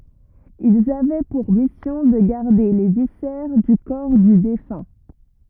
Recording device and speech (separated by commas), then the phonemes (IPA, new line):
rigid in-ear microphone, read sentence
ilz avɛ puʁ misjɔ̃ də ɡaʁde le visɛʁ dy kɔʁ dy defœ̃